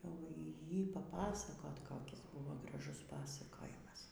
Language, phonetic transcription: Lithuanian, jau ˈjį paˈpasakot koˈkis ˈbuvo graˈžus ˈpasakojimas

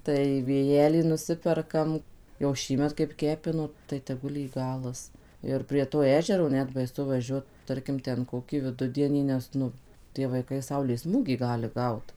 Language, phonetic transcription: Lithuanian, ˈtai vėˈjelį nuˈsiperkam jau ˈšįmet kaip ˈkepino tai teˈgul jį ˈgalas ˈir prie to ˈežero ˈnet baiˈsu vaˈžiuot ˈtarkim ˈten ˈkokį viˈdudienį ˈnes nu tie vaiˈkai ˈsaulės ˈsmūgį ˈgali ˈgaut

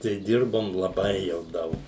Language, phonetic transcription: Lithuanian, tai ˈdirbom laˈbai jau ˈdaug

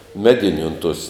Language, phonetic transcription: Lithuanian, ˈmediniu un tuos

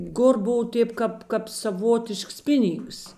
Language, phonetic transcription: Lithuanian, ˈkur ˈbov ˈtėp kap kap saˈvotišks ˈpiˌnyngs

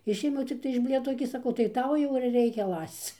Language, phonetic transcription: Lithuanian, ˈišėmiau cikˈtai iš ˈblėtos gi saˈkau tai ˈtau jau ir ˈreikia ˈlasc

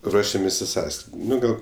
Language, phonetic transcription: Lithuanian, ˈruošiamės' i ˈsąskrid' ˈnu ˈgal

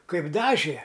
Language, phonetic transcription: Lithuanian, ˈkaip ˈdažė

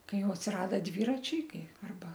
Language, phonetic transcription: Lithuanian, ˈkai ˈjau atsiˈrada ˈdvyračiai ˈkai arˈba

